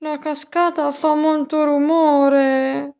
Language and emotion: Italian, sad